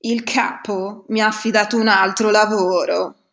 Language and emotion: Italian, disgusted